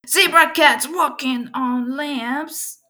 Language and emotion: English, fearful